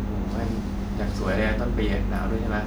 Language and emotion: Thai, neutral